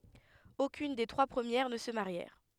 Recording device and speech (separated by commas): headset microphone, read sentence